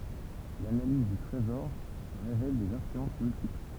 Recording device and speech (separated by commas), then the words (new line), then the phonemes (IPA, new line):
temple vibration pickup, read sentence
L'analyse du trésor révèle des influences multiples.
lanaliz dy tʁezɔʁ ʁevɛl dez ɛ̃flyɑ̃s myltipl